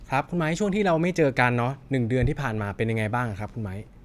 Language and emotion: Thai, neutral